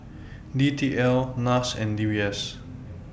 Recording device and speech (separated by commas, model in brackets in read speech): boundary microphone (BM630), read sentence